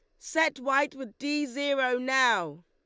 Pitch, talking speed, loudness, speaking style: 275 Hz, 145 wpm, -27 LUFS, Lombard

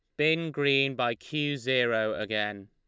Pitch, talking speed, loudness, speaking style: 130 Hz, 145 wpm, -28 LUFS, Lombard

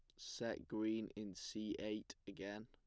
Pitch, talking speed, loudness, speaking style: 105 Hz, 145 wpm, -46 LUFS, plain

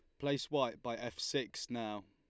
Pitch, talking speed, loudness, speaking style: 115 Hz, 190 wpm, -39 LUFS, Lombard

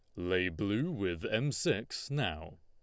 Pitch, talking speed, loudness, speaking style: 105 Hz, 150 wpm, -34 LUFS, Lombard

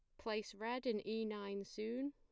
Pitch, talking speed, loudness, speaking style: 220 Hz, 190 wpm, -43 LUFS, plain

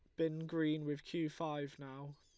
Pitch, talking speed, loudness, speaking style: 155 Hz, 180 wpm, -41 LUFS, Lombard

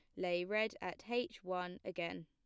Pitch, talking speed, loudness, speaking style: 185 Hz, 175 wpm, -40 LUFS, plain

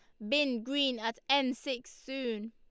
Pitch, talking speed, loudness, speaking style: 255 Hz, 165 wpm, -32 LUFS, Lombard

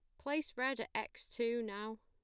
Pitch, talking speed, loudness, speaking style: 235 Hz, 195 wpm, -40 LUFS, plain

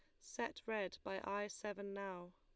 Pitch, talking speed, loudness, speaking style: 200 Hz, 165 wpm, -45 LUFS, Lombard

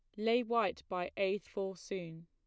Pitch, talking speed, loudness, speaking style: 195 Hz, 175 wpm, -36 LUFS, plain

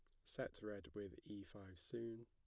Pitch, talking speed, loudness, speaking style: 105 Hz, 180 wpm, -52 LUFS, plain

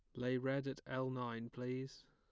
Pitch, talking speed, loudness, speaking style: 130 Hz, 190 wpm, -42 LUFS, plain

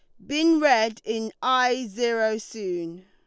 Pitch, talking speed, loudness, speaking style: 225 Hz, 130 wpm, -24 LUFS, Lombard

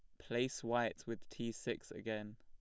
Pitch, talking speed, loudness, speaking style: 115 Hz, 165 wpm, -41 LUFS, plain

